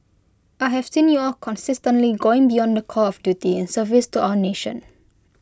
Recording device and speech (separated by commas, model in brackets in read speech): close-talking microphone (WH20), read sentence